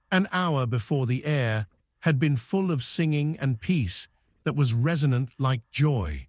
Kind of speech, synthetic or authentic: synthetic